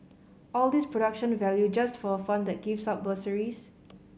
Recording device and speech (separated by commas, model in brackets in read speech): mobile phone (Samsung C5010), read sentence